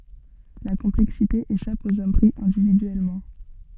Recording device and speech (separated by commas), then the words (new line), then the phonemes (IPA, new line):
soft in-ear microphone, read sentence
La complexité échappe aux hommes pris individuellement.
la kɔ̃plɛksite eʃap oz ɔm pʁi ɛ̃dividyɛlmɑ̃